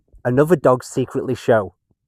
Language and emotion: English, sad